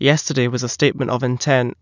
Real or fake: real